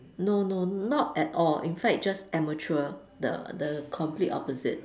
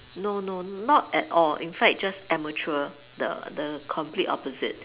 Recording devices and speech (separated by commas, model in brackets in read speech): standing microphone, telephone, conversation in separate rooms